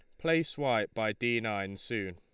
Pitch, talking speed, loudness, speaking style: 110 Hz, 185 wpm, -32 LUFS, Lombard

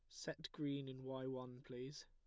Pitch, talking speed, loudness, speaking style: 130 Hz, 195 wpm, -48 LUFS, plain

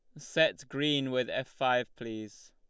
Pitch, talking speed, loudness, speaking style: 130 Hz, 155 wpm, -31 LUFS, Lombard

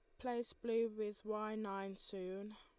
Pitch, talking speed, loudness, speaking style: 215 Hz, 155 wpm, -43 LUFS, Lombard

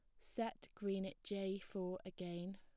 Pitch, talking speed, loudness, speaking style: 190 Hz, 150 wpm, -46 LUFS, plain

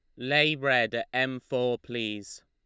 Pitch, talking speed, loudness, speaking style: 125 Hz, 160 wpm, -27 LUFS, Lombard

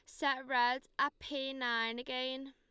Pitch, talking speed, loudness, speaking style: 260 Hz, 155 wpm, -36 LUFS, Lombard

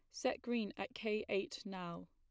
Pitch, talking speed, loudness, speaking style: 200 Hz, 190 wpm, -41 LUFS, plain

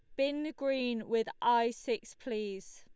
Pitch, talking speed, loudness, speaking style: 235 Hz, 140 wpm, -34 LUFS, Lombard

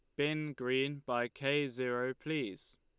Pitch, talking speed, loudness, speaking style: 135 Hz, 140 wpm, -36 LUFS, Lombard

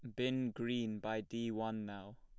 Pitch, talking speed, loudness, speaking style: 115 Hz, 180 wpm, -40 LUFS, plain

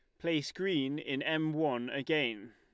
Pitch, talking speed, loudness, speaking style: 155 Hz, 155 wpm, -33 LUFS, Lombard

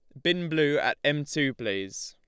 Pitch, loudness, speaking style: 145 Hz, -27 LUFS, Lombard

